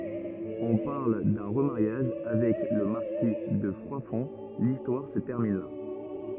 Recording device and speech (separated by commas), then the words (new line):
rigid in-ear microphone, read sentence
On parle d'un remariage avec le marquis de Froidfond… l'histoire se termine là.